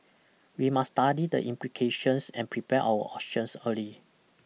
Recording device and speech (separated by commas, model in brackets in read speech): mobile phone (iPhone 6), read sentence